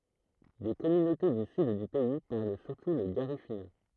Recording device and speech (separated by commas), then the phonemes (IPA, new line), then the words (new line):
throat microphone, read sentence
de kɔmynote dy syd dy pɛi paʁl syʁtu lə ɡaʁifyna
Des communautés du sud du pays parlent surtout le garifuna.